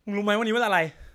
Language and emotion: Thai, angry